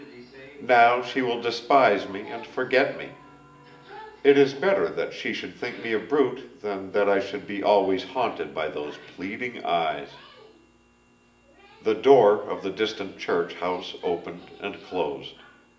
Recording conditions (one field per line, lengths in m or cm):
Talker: one person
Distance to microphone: 1.8 m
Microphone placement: close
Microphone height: 1.0 m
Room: large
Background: television